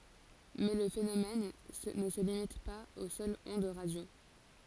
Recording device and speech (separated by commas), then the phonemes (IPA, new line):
forehead accelerometer, read sentence
mɛ lə fenomɛn nə sə limit paz o sœlz ɔ̃d ʁadjo